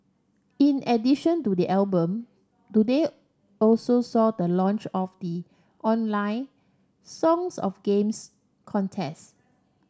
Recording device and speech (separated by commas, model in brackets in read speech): standing microphone (AKG C214), read sentence